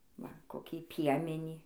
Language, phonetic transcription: Lithuanian, ˈva koˈkį ˈpiemenį

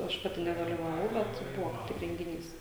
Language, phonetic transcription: Lithuanian, ˈaš ˈpati nedalivaˈvau ˈbet ˈbuvo kaip ˈtik rengiˈnys

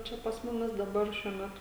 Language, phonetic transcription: Lithuanian, ˈčia pas ˈmumis daˈbar ˈšiuo ˈmetu

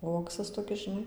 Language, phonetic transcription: Lithuanian, ˈuoksas toˈkis žiˈnai

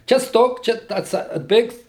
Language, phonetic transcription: Lithuanian, ˈčia ˈstok ˈčia ta atˈsa ˈbėgs

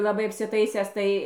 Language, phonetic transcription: Lithuanian, laˈbai apsiˈtaisęs ˈtai

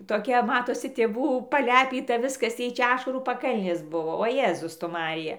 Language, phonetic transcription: Lithuanian, toˈkia ˈmatosi tėˈvų paˈlepyta ˈviskas ˈjai ˈčia ˈašarų paˈkalnės ˈbuvo o ˈjėzus tu ˈmarija

